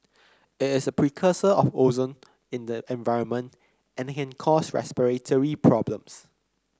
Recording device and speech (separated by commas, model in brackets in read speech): close-talking microphone (WH30), read sentence